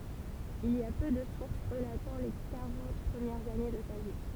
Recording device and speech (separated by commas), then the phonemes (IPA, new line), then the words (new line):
temple vibration pickup, read sentence
il i a pø də suʁs ʁəlatɑ̃ le kaʁɑ̃t pʁəmjɛʁz ane də sa vi
Il y a peu de sources relatant les quarante premières années de sa vie.